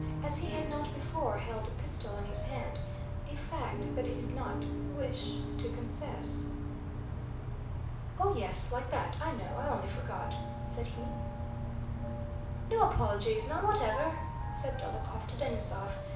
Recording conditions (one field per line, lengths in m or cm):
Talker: one person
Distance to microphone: 5.8 m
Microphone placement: far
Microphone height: 1.8 m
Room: medium-sized (5.7 m by 4.0 m)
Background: music